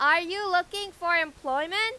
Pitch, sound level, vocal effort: 355 Hz, 102 dB SPL, very loud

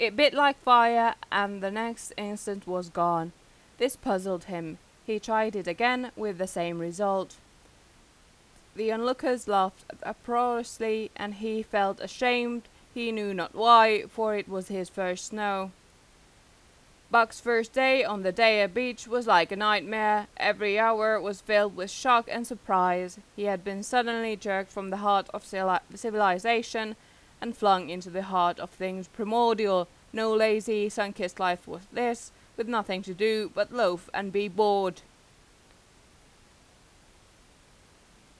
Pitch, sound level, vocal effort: 210 Hz, 91 dB SPL, loud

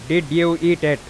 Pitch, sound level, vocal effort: 170 Hz, 95 dB SPL, loud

